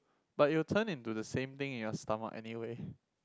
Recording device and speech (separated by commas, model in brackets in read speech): close-talking microphone, conversation in the same room